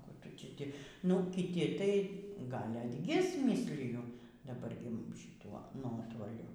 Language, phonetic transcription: Lithuanian, ˈkų ˈtu ti ˈti nu kiˈti tai ˈgal' atˈgis ˈmysliju daˈbar gi šiˈtuo ˈnuotoliu

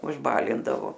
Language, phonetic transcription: Lithuanian, užˈbalindavo

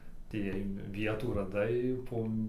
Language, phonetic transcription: Lithuanian, atėˈjai ˈvietų raˈdai po

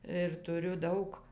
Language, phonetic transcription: Lithuanian, ir tuˈriu ˈdaug

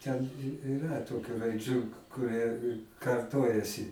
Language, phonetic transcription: Lithuanian, ten iˈra ˈtokiu raiˈdžių kuˈrie karˈtojasi

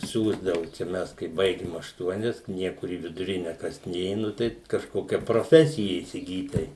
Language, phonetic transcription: Lithuanian, ˈsiųsdavu čia ˈmes kai ˈbaigim ašˈtuonias ˈniekur į viduˈrine ˈkas ˈnė ˈnu tai kažˈkokia proˈfesija įsiˈgyt ˈtai

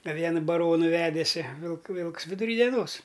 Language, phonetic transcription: Lithuanian, a ˈviena baˈronu ˈvedėsi vilk ˈvilks viduˈry deˈnos

